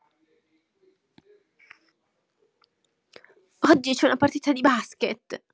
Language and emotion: Italian, sad